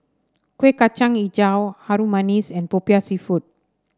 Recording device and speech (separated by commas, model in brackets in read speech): standing microphone (AKG C214), read sentence